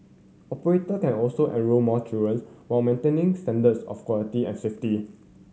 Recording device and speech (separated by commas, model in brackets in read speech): mobile phone (Samsung C7100), read sentence